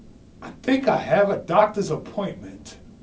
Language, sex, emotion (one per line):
English
male
angry